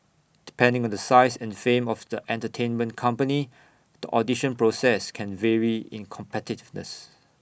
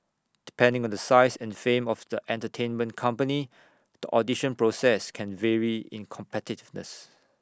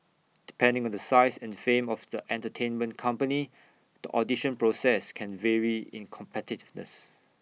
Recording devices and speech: boundary microphone (BM630), standing microphone (AKG C214), mobile phone (iPhone 6), read sentence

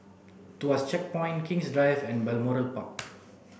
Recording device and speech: boundary microphone (BM630), read sentence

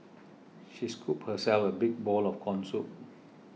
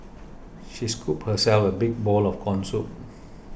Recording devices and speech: mobile phone (iPhone 6), boundary microphone (BM630), read sentence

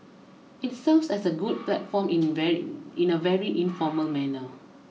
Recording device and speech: mobile phone (iPhone 6), read sentence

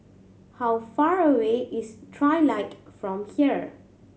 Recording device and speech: mobile phone (Samsung C7100), read sentence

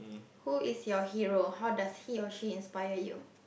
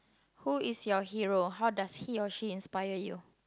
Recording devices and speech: boundary microphone, close-talking microphone, conversation in the same room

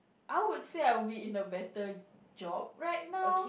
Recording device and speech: boundary microphone, conversation in the same room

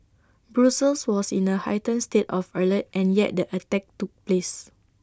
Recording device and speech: standing microphone (AKG C214), read sentence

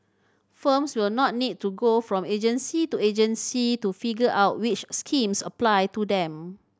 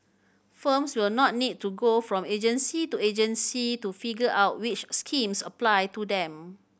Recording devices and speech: standing microphone (AKG C214), boundary microphone (BM630), read sentence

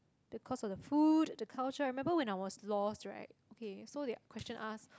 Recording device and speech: close-talking microphone, conversation in the same room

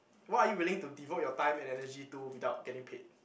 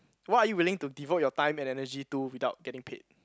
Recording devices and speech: boundary microphone, close-talking microphone, conversation in the same room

